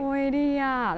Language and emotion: Thai, happy